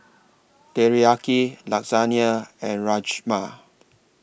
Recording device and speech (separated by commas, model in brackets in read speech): boundary microphone (BM630), read sentence